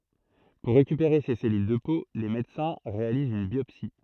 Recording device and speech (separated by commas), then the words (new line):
throat microphone, read sentence
Pour récupérer ces cellules de peau, les médecins réalisent une biopsie.